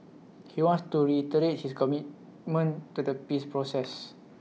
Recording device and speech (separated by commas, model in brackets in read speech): mobile phone (iPhone 6), read sentence